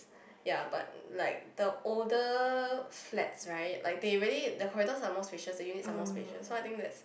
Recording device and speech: boundary microphone, conversation in the same room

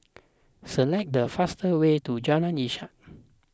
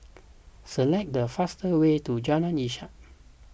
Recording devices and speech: close-talking microphone (WH20), boundary microphone (BM630), read sentence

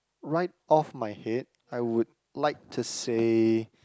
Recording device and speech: close-talking microphone, conversation in the same room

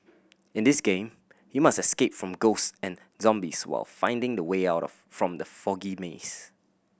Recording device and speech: boundary microphone (BM630), read sentence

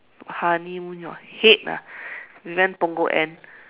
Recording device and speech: telephone, conversation in separate rooms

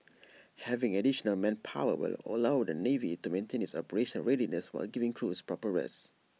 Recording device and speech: mobile phone (iPhone 6), read sentence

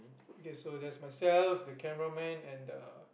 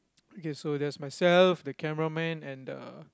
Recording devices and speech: boundary microphone, close-talking microphone, conversation in the same room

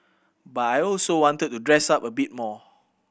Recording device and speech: boundary microphone (BM630), read sentence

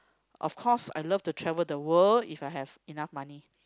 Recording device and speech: close-talking microphone, conversation in the same room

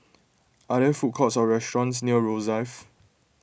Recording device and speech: boundary microphone (BM630), read sentence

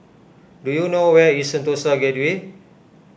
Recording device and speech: boundary microphone (BM630), read sentence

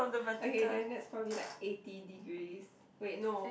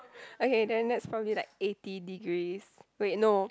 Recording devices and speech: boundary microphone, close-talking microphone, conversation in the same room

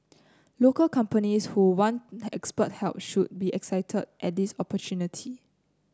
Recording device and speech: close-talking microphone (WH30), read sentence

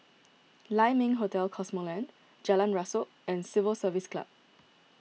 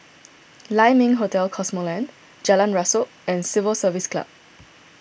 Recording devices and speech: mobile phone (iPhone 6), boundary microphone (BM630), read sentence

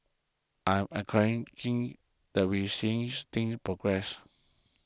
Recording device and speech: close-talking microphone (WH20), read sentence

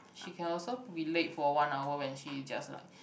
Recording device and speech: boundary microphone, conversation in the same room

